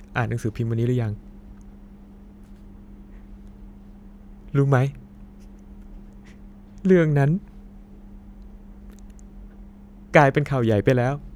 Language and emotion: Thai, sad